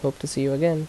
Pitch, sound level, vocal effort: 140 Hz, 79 dB SPL, normal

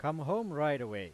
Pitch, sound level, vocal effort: 150 Hz, 97 dB SPL, very loud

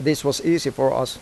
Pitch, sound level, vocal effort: 135 Hz, 87 dB SPL, normal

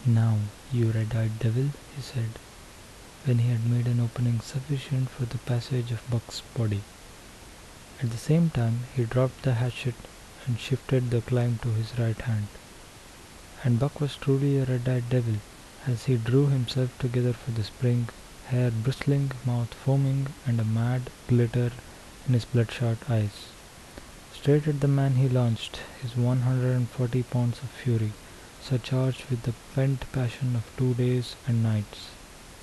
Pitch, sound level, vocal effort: 125 Hz, 71 dB SPL, soft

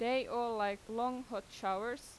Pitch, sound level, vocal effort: 235 Hz, 90 dB SPL, loud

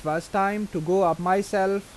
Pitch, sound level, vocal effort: 190 Hz, 88 dB SPL, normal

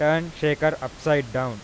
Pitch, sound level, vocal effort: 150 Hz, 94 dB SPL, loud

